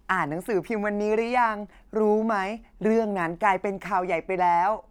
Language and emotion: Thai, happy